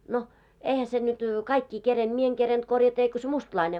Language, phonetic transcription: Finnish, no , 'eihä se nyt , 'kaikki 'kerenᴅ , 'mie eŋ kerenᴅ korjata eiko se 'mustlaine .
- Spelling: no eihän se nyt kaikki kerinnyt minä en kerinnyt korjata eikä se mustalainen

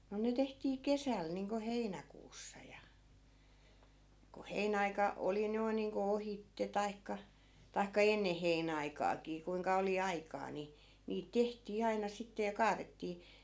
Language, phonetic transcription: Finnish, no ne 'tehtii "kesäl niiŋko 'heinäkuussa ja , ko "heinä₍aika , 'oli noi̮n̆ niiŋko 'ohitte taikka , tai̮kka "enne 'heinä₍aikaakii kuiŋka oli 'aikaa ni , niit 'tehtii 'aina sitte ja 'kaarettii .
- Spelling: no ne tehtiin kesällä niin kuin heinäkuussa ja kun heinäaika oli noin niin kuin ohitse tai tai ennen heinäaikaakin kuinka oli aikaa niin niitä tehtiin aina sitten ja kaadettiin

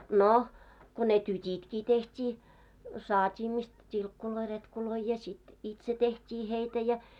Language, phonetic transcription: Finnish, 'no , ko ne "tyt́itkii teht́ii , saat́ii mist , 't́ilkkuloi 'retkuloi ja sit , "itse 'teht́ii heitä ja .
- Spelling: no kun ne tytitkin tehtiin saatiin mistä tilkkuja retkuja ja sitten itse tehtiin heitä ja

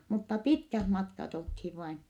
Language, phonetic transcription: Finnish, mutta pitkäh matkat olthiv vain .
- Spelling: mutta pitkät matkat oltiin vain

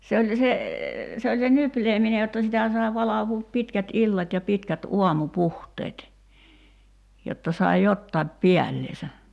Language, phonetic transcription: Finnish, se oĺ , 'se , se oĺ se 'nypleemine jotta 'sitä sai̬ 'valavuup 'pitkät "illat ja 'pitkät 'uamu"puhteet , jotta sai "jottaip 'piällesä .
- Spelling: se oli se se oli se nyplääminen jotta sitä sai valvoa pitkät illat ja pitkät aamupuhteet jotta sai jotakin päällensä

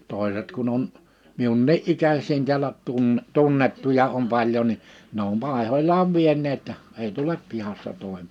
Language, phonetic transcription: Finnish, 'tòeset kun ‿on , 'miunnii '’ikäs̀iin tiälä , tun- , 'tunnettuja om 'paĺjo ni , ne ‿om 'Pàehoĺaav 'vien̆neet , ei "tulep 'pihassa 'tòim- .
- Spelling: toiset kun on minunkin ikäisiä täällä - tunnettuja on paljon niin ne on Paiholaan vieneet ei tule pihassa -

